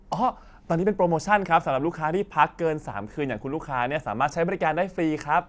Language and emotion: Thai, happy